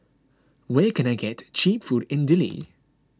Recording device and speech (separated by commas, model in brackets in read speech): close-talking microphone (WH20), read sentence